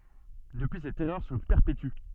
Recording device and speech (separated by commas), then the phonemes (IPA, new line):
soft in-ear microphone, read sentence
dəpyi sɛt ɛʁœʁ sə pɛʁpety